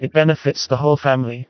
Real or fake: fake